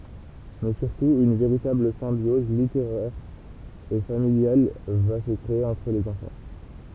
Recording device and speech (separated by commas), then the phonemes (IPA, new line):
temple vibration pickup, read sentence
mɛ syʁtu yn veʁitabl sɛ̃bjɔz liteʁɛʁ e familjal va sə kʁee ɑ̃tʁ lez ɑ̃fɑ̃